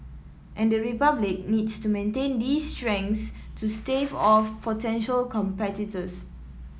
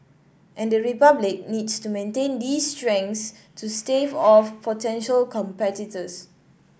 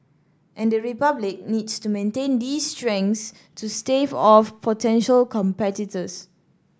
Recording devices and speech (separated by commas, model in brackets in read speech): mobile phone (iPhone 7), boundary microphone (BM630), standing microphone (AKG C214), read sentence